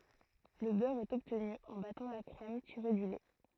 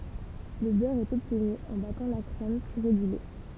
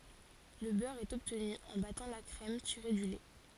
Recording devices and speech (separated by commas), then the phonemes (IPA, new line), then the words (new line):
throat microphone, temple vibration pickup, forehead accelerometer, read sentence
lə bœʁ ɛt ɔbtny ɑ̃ batɑ̃ la kʁɛm tiʁe dy lɛ
Le beurre est obtenu en battant la crème tirée du lait.